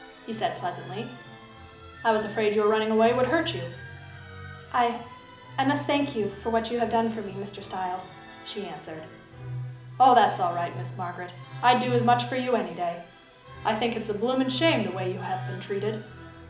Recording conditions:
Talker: one person; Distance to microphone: 2.0 m; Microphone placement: close; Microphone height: 99 cm; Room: medium-sized (5.7 m by 4.0 m); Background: music

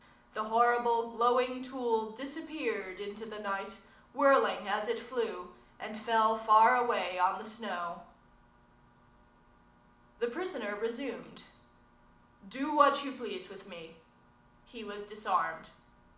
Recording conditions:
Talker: one person; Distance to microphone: 2.0 m; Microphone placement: close; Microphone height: 99 cm; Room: medium-sized (5.7 m by 4.0 m); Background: none

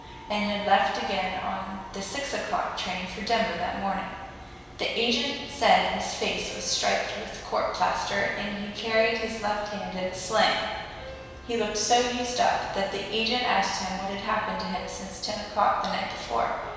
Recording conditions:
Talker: one person; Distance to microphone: 1.7 m; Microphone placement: close; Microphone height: 1.0 m; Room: very reverberant, large; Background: music

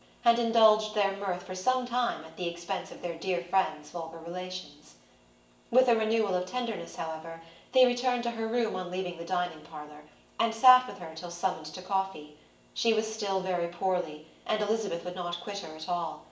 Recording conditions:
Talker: one person; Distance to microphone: 1.8 m; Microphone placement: close; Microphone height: 1.0 m; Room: large; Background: none

